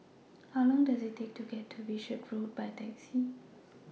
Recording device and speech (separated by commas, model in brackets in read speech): mobile phone (iPhone 6), read sentence